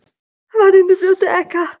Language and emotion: Italian, fearful